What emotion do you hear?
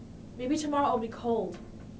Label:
neutral